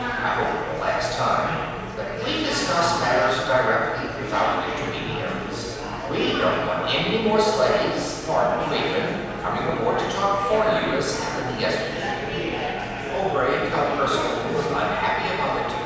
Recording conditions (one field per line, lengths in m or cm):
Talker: one person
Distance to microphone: 7.1 m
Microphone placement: far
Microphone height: 1.7 m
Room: very reverberant, large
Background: babble